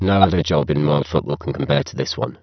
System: VC, spectral filtering